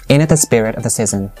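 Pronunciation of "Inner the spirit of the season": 'Into' is reduced so it sounds like 'inner': 'inner the spirit of the season'.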